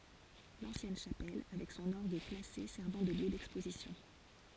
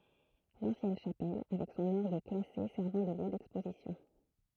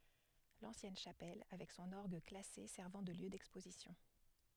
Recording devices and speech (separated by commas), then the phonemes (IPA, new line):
forehead accelerometer, throat microphone, headset microphone, read sentence
lɑ̃sjɛn ʃapɛl avɛk sɔ̃n ɔʁɡ klase sɛʁvɑ̃ də ljø dɛkspozisjɔ̃